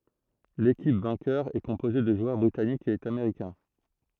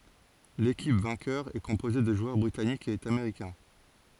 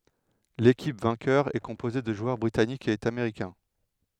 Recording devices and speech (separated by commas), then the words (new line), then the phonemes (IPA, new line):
throat microphone, forehead accelerometer, headset microphone, read sentence
L'équipe vainqueur est composée de joueurs britanniques et américains.
lekip vɛ̃kœʁ ɛ kɔ̃poze də ʒwœʁ bʁitanikz e ameʁikɛ̃